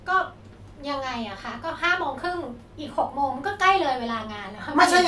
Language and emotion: Thai, frustrated